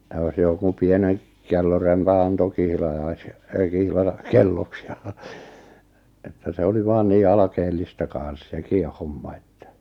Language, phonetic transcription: Finnish, ʿʲᵃʾ jos 'joku 'pieneŋ , 'kellorempan ‿anto 'kihlajais- , 'kihla- , 'kelloks ja , että 'se oli 'vaan nii 'alakeellista kàa̰s 'sekì 'homma että .
- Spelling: ja jos joku pienen kellorempan antoi - - kihlakelloksi ja että se oli vain niin alkeellista kanssa sekin homma että

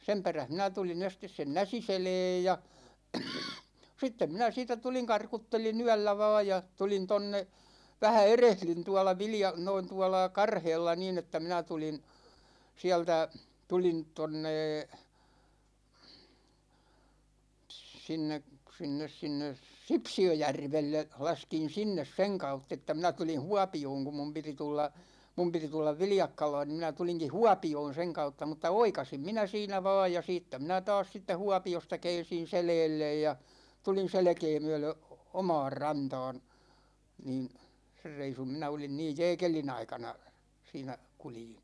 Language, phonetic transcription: Finnish, 'sem peräh 'minä tulin̬ 'estes sen "Näsiseleej ja , 'sittem 'minä 'siitä "tuliŋ 'karkuttelin 'yällä vaa ja , 'tulin 'tonne , 'vähä "erehlyn 'tuala 'Vilja- , noin 'tuala "Karheella nin ‿että 'minä 'tulin , 'siältä , 'tulin 'tonnee , 't̳s̳§inne , 'sinnes 'sinnes "Sipsi₍öjärvelle , 'laskin̬ 'sinnes "seŋ 'kautt ‿että 'minä 'tulin̬ "Huapi₍ooŋ kum 'mum piti 'tulla , 'mum piti 'tullav "Viljakkalaan ni minä 'tuliŋki "Huapi₍oon̬ 'seŋ kautta , mutta "oikasim 'minä 'siinä va̭a̭j ja 'siittä 'minä 'taas siittä "Huapi₍osta 'kɛɛn̬sin̬ 'selɛɛllej ja , 'tulin̬ 'selᵉkee myölö , "oma̭a̭r "ranta̭a̭n , 'niin , 'ser 'reisum 'minä olin 'niij "jɛɛkeli'n ‿aikana , 'siinä , 'kuljin .
- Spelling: sen perässä minä tulin ensin sen Näsiselän ja sitten minä siitä tulin karkuttelin yöllä vain ja tulin tuonne vähän erehdyin tuolla - noin tuolla Karheella niin että minä tulin sieltä tulin tuonne sinne sinne sinne Sipsiöjärvelle laskin sinne sen kautta että minä tulin Huopioon kun minun piti tulla minun piti tulla Viljakkalaan niin minä tulinkin Huopioon sen kautta mutta oikaisin minä siinä vain ja siitä minä taas siitä Huopiosta käänsin selälle ja tulin selkää myöden omaan rantaan niin sen reissun minä olin niin jääkelin aikana siinä kuljin

